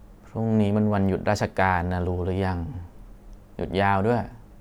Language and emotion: Thai, frustrated